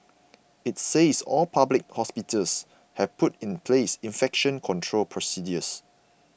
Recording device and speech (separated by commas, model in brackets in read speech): boundary microphone (BM630), read sentence